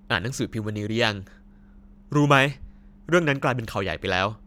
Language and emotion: Thai, happy